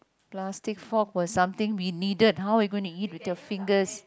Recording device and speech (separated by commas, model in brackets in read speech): close-talking microphone, conversation in the same room